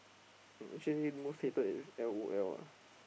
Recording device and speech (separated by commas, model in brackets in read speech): boundary microphone, conversation in the same room